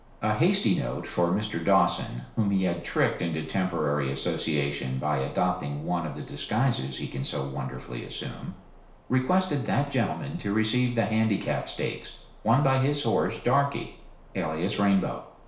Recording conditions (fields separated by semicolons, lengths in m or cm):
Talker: one person; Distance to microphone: 1.0 m; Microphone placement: close; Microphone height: 1.1 m; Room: small (3.7 m by 2.7 m); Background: none